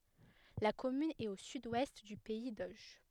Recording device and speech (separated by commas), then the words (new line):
headset microphone, read sentence
La commune est au sud-ouest du pays d'Auge.